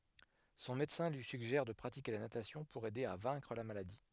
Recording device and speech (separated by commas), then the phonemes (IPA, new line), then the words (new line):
headset microphone, read sentence
sɔ̃ medəsɛ̃ lyi syɡʒɛʁ də pʁatike la natasjɔ̃ puʁ ɛde a vɛ̃kʁ la maladi
Son médecin lui suggère de pratiquer la natation pour aider à vaincre la maladie.